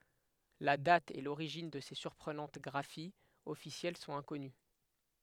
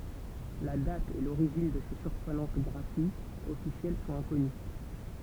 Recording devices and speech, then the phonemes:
headset microphone, temple vibration pickup, read sentence
la dat e loʁiʒin də se syʁpʁənɑ̃t ɡʁafiz ɔfisjɛl sɔ̃t ɛ̃kɔny

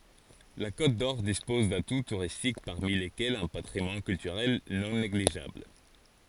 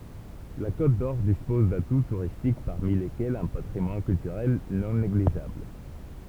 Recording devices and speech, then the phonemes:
forehead accelerometer, temple vibration pickup, read sentence
la kotdɔʁ dispɔz datu tuʁistik paʁmi lekɛlz œ̃ patʁimwan kyltyʁɛl nɔ̃ neɡliʒabl

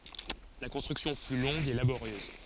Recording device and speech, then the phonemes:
forehead accelerometer, read sentence
la kɔ̃stʁyksjɔ̃ fy lɔ̃ɡ e laboʁjøz

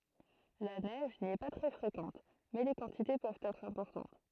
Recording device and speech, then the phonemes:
throat microphone, read sentence
la nɛʒ ni ɛ pa tʁɛ fʁekɑ̃t mɛ le kɑ̃tite pøvt ɛtʁ ɛ̃pɔʁtɑ̃t

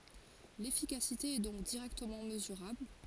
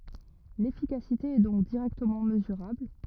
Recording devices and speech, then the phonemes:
forehead accelerometer, rigid in-ear microphone, read sentence
lefikasite ɛ dɔ̃k diʁɛktəmɑ̃ məzyʁabl

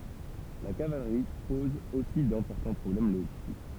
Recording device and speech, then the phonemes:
temple vibration pickup, read sentence
la kavalʁi pɔz osi dɛ̃pɔʁtɑ̃ pʁɔblɛm loʒistik

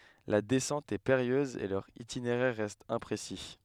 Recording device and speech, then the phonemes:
headset microphone, read sentence
la dɛsɑ̃t ɛ peʁijøz e lœʁ itineʁɛʁ ʁɛst ɛ̃pʁesi

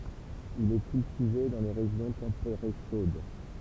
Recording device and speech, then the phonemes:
temple vibration pickup, read sentence
il ɛ kyltive dɑ̃ le ʁeʒjɔ̃ tɑ̃peʁe ʃod

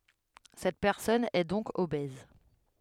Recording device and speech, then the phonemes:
headset microphone, read sentence
sɛt pɛʁsɔn ɛ dɔ̃k obɛz

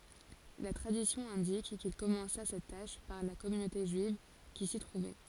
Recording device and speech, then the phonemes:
forehead accelerometer, read sentence
la tʁadisjɔ̃ ɛ̃dik kil kɔmɑ̃sa sɛt taʃ paʁ la kɔmynote ʒyiv ki si tʁuvɛ

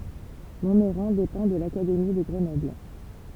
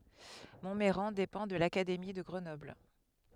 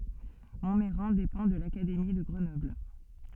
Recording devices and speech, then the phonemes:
temple vibration pickup, headset microphone, soft in-ear microphone, read sentence
mɔ̃mɛʁɑ̃ depɑ̃ də lakademi də ɡʁənɔbl

